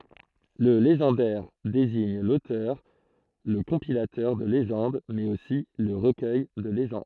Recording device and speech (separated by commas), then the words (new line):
throat microphone, read sentence
Le légendaire désigne l'auteur, le compilateur de légendes mais aussi le recueil de légendes.